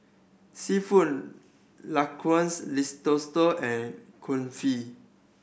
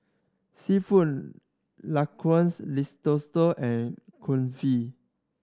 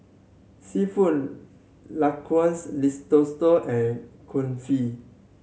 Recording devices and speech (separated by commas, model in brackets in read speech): boundary microphone (BM630), standing microphone (AKG C214), mobile phone (Samsung C7100), read sentence